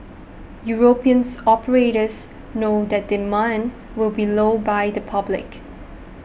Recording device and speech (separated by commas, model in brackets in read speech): boundary microphone (BM630), read sentence